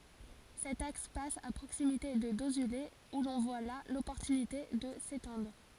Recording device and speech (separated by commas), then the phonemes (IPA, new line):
forehead accelerometer, read sentence
sɛt aks pas a pʁoksimite də dozyle u lɔ̃ vwa la lɔpɔʁtynite də setɑ̃dʁ